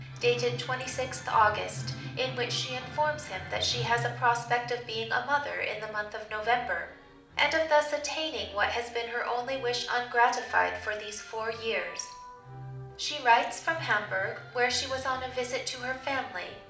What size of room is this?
A mid-sized room (about 5.7 m by 4.0 m).